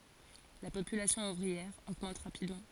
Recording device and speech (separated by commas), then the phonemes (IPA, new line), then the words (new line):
forehead accelerometer, read sentence
la popylasjɔ̃ uvʁiɛʁ oɡmɑ̃t ʁapidmɑ̃
La population ouvrière augmente rapidement.